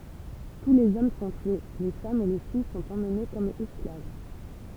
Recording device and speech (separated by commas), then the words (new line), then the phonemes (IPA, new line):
temple vibration pickup, read sentence
Tous les hommes sont tués, les femmes et les filles sont emmenées comme esclaves.
tu lez ɔm sɔ̃ tye le famz e le fij sɔ̃t emne kɔm ɛsklav